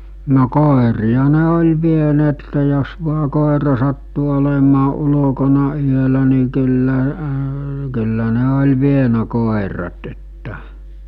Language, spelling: Finnish, no koiria ne oli vieneet jos vain koira sattui olemaan ulkona yöllä niin kyllä kyllä ne oli vienyt koirat että
- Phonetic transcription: no 'kòeri₍a ne oĺ 'vieneette jos vua 'kòera sattu olemaa 'ulo̭kona 'yölä ni kyllä , kyllä ne oĺ 'vienä 'kòerat että .

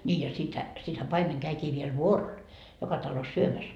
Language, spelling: Finnish, niin ja sittenhän sittenhän paimen kävikin vielä vuorolla joka talossa syömässä
- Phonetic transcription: ńii ja 'sithä , sithä 'paimeŋ käikii viel "vuorol , 'joka talos "syömäs .

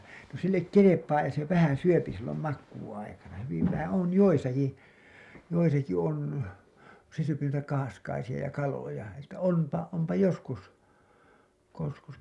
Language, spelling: Finnish, no sille kelpaa ja se vähän syö silloin makuuaikana hyvin vähän on joissakin joissakin on kun se syö noita kahaskaisia ja kaloja että onpa onpa joskus kun joskus
- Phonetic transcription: no sillek "kelepaa ja se 'vähän̬ 'syöpi sillom 'makkuu₍aikana , hyviv vähä , on 'joisaki , 'joisaki on , ku se syöpi nuita kahaskaisiʲa ja kaloja , että 'on§pa , ompa 'joskus , (ko joskus) .

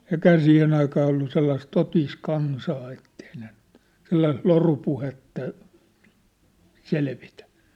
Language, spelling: Finnish, eikähän siihen aikaan ollut sellaista totista kansaa että ei ne nyt sellaista lorupuhetta selvitä
- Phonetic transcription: 'eĭkhää 'siihen ‿aikaa ollu 'sellais 'totiis 'kansaa ettei ne ɴʏt , 'sellais "lorupuhetta , "selvitᴀ̈ .

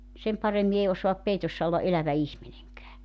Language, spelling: Finnish, sen paremmin ei osaa peitossa olla elävä ihminenkään
- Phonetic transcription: 'sem 'paremmi ei 'osoap 'peitossa olla '’elävä 'ihmineŋkää .

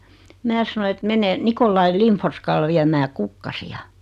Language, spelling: Finnish, minä sanoin että menen Nikolai Lindforskalle viemään kukkasia
- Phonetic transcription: 'mää sanoⁱ et » 'mene , 'Nikollai 'Limforskal 'viämää "kukkasi₍a « .

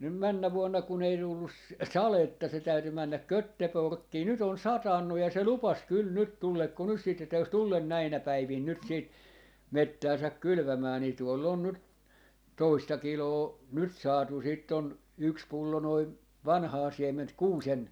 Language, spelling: Finnish, nyt mennä vuonna kun ei tullut sadetta se täytyi mennä Göteborgiin nyt on satanut ja se lupasi kyllä nyt tuleeko nyt sitten että jos tule näinä päivinä nyt sitten metsäänsä kylvämään niin tuolla on nyt toista kiloa nyt saatu sitten on yksi pullo noin vanhaa siementä kuusen
- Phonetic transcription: nym 'männä 'vuonna kun ‿ei 'tullus "saletta se 'täyty 'männäk 'Kötteporkkii , 'nyt ‿on "satannuj ja se "lupas 'kyl 'nyt 'tullekko nys siit (että) jos 'tullen 'näinä 'päivin 'nyt 'siit , "mettääsäk "kylʸvämää nii 'tuoll ‿on nyt , 'toista 'kiloo , 'nyt 'saatu siitt ‿on , 'yks 'pullo noi , "vanhaa 'siem̀ent "kuusen ,.

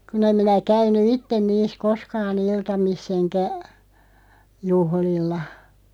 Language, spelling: Finnish, kun en minä käynyt itse niissä koskaan iltamissa enkä juhlilla
- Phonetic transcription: 'kun ‿em minä 'käyny "itten 'niis "koskaa'n ‿iltamis's ‿eŋkä , 'juhlilla .

